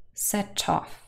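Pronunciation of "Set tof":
In 'set off', the t of 'set' joins onto 'off', so the words sound like 'set tof'.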